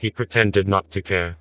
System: TTS, vocoder